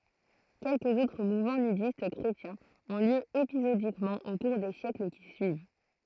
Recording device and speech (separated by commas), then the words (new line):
throat microphone, read sentence
Quelques autres mouvements nudistes chrétiens ont lieu épisodiquement au cours des siècles qui suivent.